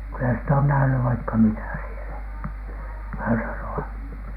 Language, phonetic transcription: Finnish, kylä sitä on nähny 'vaikka "mitä sielä , (hörölo₍a) .
- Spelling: kyllä sitä on nähnyt vaikka mitä siellä -

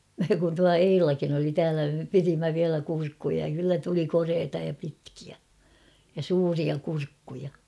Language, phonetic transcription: Finnish, kun tua 'Eilakin ‿oli täälä me 'pirimmä viälä 'kurkkuja ja kyllä tuli 'koreeta ja pitkiä , ja "suuria 'kurkkuja .
- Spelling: kun tuo Eilakin oli täällä me pidimme vielä kurkkuja ja kyllä tuli koreaa ja pitkiä ja suuria kurkkuja

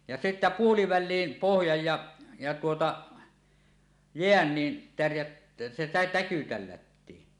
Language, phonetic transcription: Finnish, ja se sittä "puoliväl̆liim 'pohjaj ja , ja tuota , "jeän ni , tärjät- , se tä- täky 'tällättii .
- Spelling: ja se sitten puoliväliin pohjaan ja ja tuota jään niin - se - täky tällättiin

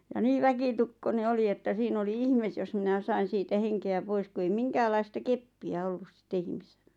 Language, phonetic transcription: Finnish, « ja 'nii "väkitukkone 'oli että 'siin ‿oli 'ihmes jos minä 'sain siitä 'heŋke₍ä 'pois ku ei "miŋkääl̆laista "keppi₍ä 'ollus ˢⁱtte 'ihmise(llä) .
- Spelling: ja niin väkitukkoinen oli että siinä oli ihme jos minä sain siitä henkeä pois kun ei minkäänlaista keppiä ollut sitten ihmisellä

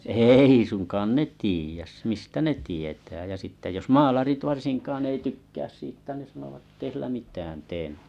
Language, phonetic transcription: Finnish, êi suŋkaan 'ne tiijäs mistä 'ne tietää jä sitte jos "maalarit 'varsiŋkaan ei 'tykkääs 'siittä ne sanovat ᵉttei 'sillä 'mit̀ään tee .
- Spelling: ei suinkaan ne tiedä mistä ne tietää ja sitten jos maalarit varsinkaan ei tykkää siitä ne sanovat että ei sillä mitään tee

